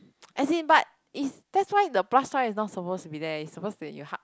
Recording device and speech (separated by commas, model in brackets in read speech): close-talking microphone, conversation in the same room